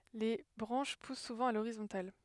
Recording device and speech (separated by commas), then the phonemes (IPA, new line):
headset microphone, read sentence
le bʁɑ̃ʃ pus suvɑ̃ a loʁizɔ̃tal